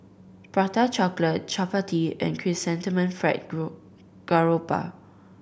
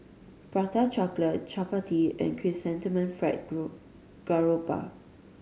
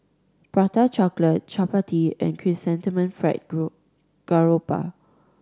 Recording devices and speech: boundary microphone (BM630), mobile phone (Samsung C5010), standing microphone (AKG C214), read sentence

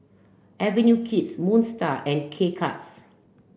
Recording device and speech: boundary microphone (BM630), read sentence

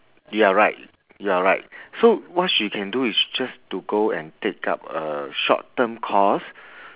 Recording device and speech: telephone, conversation in separate rooms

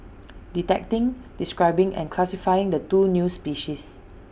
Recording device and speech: boundary microphone (BM630), read sentence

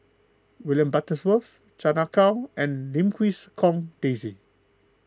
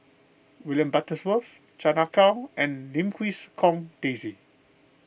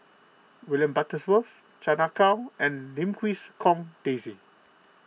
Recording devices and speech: close-talking microphone (WH20), boundary microphone (BM630), mobile phone (iPhone 6), read sentence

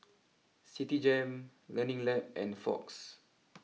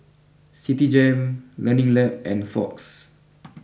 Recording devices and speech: mobile phone (iPhone 6), boundary microphone (BM630), read sentence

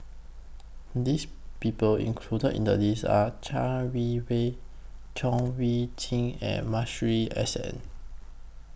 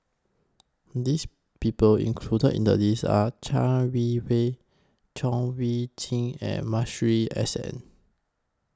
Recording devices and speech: boundary microphone (BM630), close-talking microphone (WH20), read sentence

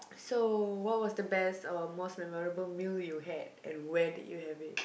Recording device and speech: boundary microphone, conversation in the same room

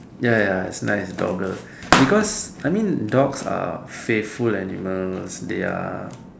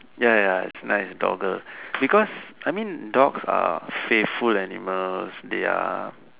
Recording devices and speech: standing microphone, telephone, conversation in separate rooms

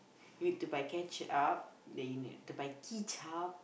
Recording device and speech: boundary microphone, conversation in the same room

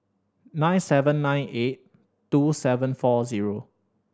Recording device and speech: standing microphone (AKG C214), read sentence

